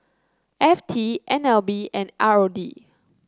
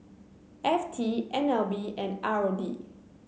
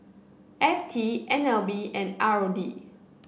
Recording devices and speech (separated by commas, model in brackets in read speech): close-talking microphone (WH30), mobile phone (Samsung C9), boundary microphone (BM630), read sentence